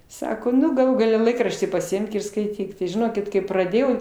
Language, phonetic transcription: Lithuanian, ˈsako ˈnu gaˈlų gaˈle ˈlaikraštį pasiˈimk ir skaiˈtyk tai žiˈnokit kai praˈdėjau

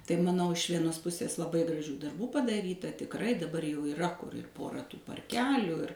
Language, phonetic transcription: Lithuanian, tai maˈnau iš ˈvienos ˈpusės laˈbai graˈžių darˈbų padaˈryta tikˈrai daˈbar jau iˈra kur ir ˈpora tų parˈkelių ir

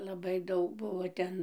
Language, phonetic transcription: Lithuanian, laˈbai ˈdaug ˈbuvo ˈten

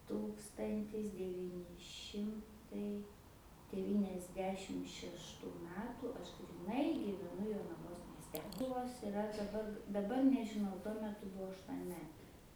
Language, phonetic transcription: Lithuanian, ˈtūkstantis deˈvyni ˈšimtai devyniasˈdešim šešˈtų ˈmetų ˈaš gryˈnai gyveˈnu jonaˈvos miesˈte ˈkulvos iˈra daˈbar daˈbar nežiˈnau tuo meˈtu ˈbuvo aštuonˈmetė

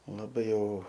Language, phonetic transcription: Lithuanian, laˈbai ˈjau

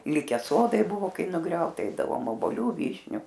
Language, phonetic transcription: Lithuanian, ˈlike ˈsodai ˈbuvo ˈkai nuˈgriauta ˈeidavom oboˈliu ˈvyšniu

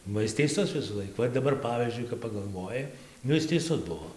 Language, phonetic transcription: Lithuanian, ba ˈis teiˈsus visųˈlaik ˈva ir daˈbar ˈpavyzdžiui kap pagalˈvoji ˈnu ˈis teiˈsus ˈbuo

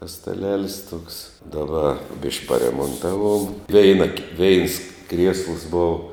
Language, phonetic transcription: Lithuanian, tas staˈlelis tuoks daˈba bišk' paremonˈtaˌvuom ˈveina ki veins kriesls ˈbov

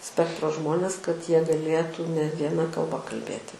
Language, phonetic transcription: Lithuanian, ˈspektro ˈžmones kad ˈjie gaˈlėtų ne vieˈna kalˈba kalˈbėti

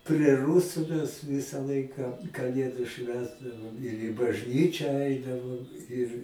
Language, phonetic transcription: Lithuanian, pre ˈrusu mes ˈvisa ˈlaika kaˈlėdu ˈšvęsdavom ir i bažˈnyčią ˈaidavom ir

